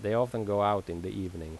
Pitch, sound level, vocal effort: 100 Hz, 85 dB SPL, normal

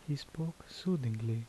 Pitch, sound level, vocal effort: 145 Hz, 75 dB SPL, soft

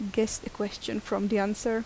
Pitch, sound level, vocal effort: 215 Hz, 79 dB SPL, soft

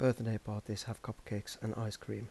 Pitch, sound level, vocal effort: 110 Hz, 80 dB SPL, soft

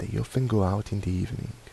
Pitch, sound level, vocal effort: 105 Hz, 75 dB SPL, soft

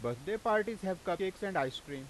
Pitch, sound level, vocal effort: 185 Hz, 94 dB SPL, loud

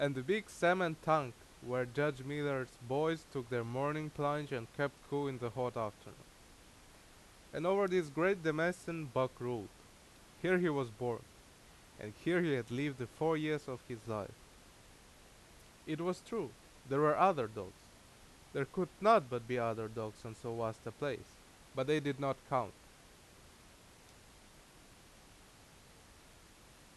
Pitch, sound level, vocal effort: 135 Hz, 87 dB SPL, very loud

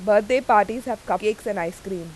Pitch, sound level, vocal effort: 210 Hz, 92 dB SPL, loud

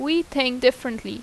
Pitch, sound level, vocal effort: 255 Hz, 85 dB SPL, loud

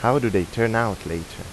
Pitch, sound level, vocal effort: 105 Hz, 86 dB SPL, normal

